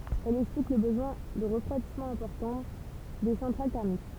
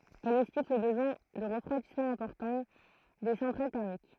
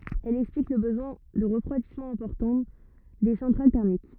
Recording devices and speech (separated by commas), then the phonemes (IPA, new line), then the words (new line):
temple vibration pickup, throat microphone, rigid in-ear microphone, read sentence
ɛl ɛksplik lə bəzwɛ̃ də ʁəfʁwadismɑ̃ ɛ̃pɔʁtɑ̃ de sɑ̃tʁal tɛʁmik
Elle explique le besoin de refroidissement important des centrales thermiques.